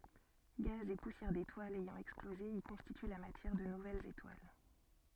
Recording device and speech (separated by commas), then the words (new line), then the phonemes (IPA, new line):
soft in-ear microphone, read sentence
Gaz et poussières d'étoiles ayant explosé y constituent la matière de nouvelles étoiles.
ɡaz e pusjɛʁ detwalz ɛjɑ̃ ɛksploze i kɔ̃stity la matjɛʁ də nuvɛlz etwal